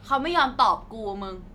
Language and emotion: Thai, angry